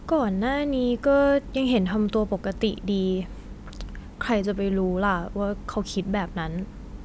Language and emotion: Thai, frustrated